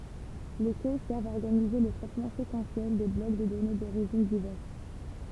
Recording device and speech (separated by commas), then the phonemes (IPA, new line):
temple vibration pickup, read sentence
le kø sɛʁvt a ɔʁɡanize lə tʁɛtmɑ̃ sekɑ̃sjɛl de blɔk də dɔne doʁiʒin divɛʁs